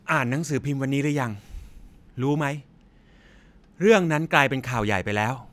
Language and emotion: Thai, frustrated